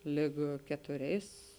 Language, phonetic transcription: Lithuanian, ˈlig ketuˈriais

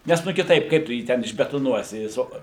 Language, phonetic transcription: Lithuanian, ˈnes ˈnu kiˈtaip ˈkaip tu ˈjį ten išbetoˈnuosi ˈjis o

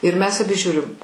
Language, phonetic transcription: Lithuanian, ir ˈmes aˈbi ˈžiūrim

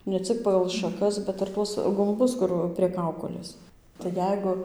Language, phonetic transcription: Lithuanian, ne ˈcik pagal šaˈkas bet ir ˈtuos gumˈbus ˈkur prie ˈkaukolės tai ˈjeigu

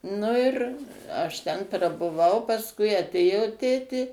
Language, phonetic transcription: Lithuanian, ˈnu ir ˈaš ˈten prabuˈvau pasˈkui aˈtėjo ˈtėtė

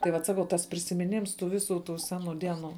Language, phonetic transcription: Lithuanian, tai ˈvat ˈsakau tas prisimiˈnims tų ˈviˌsų tų ˈseˌnų ˈdieˌnų

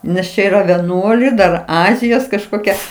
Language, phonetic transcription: Lithuanian, nes ˈčia yˈra veˈnuoliai ˈdar ˈazijos kažˈkokia

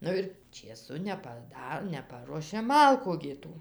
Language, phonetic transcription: Lithuanian, ˈnu ir čėˈsu nepaˈda neˈparuošė ˈmalku gi ˈtų

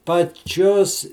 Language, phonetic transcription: Lithuanian, paˈčios

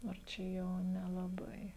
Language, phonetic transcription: Lithuanian, ar ˈčia ˈjau nelaˈbai

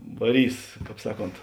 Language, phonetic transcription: Lithuanian, vaˈrys ˈkāp ˈsaˌkont

